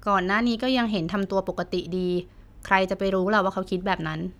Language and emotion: Thai, neutral